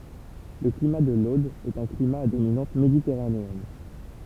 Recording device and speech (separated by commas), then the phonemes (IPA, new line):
temple vibration pickup, read sentence
lə klima də lod ɛt œ̃ klima a dominɑ̃t meditɛʁaneɛn